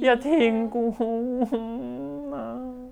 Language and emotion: Thai, sad